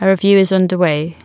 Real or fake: real